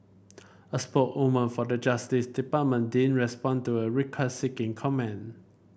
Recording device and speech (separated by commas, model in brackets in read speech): boundary microphone (BM630), read sentence